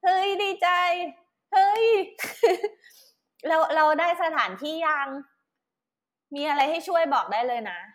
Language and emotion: Thai, happy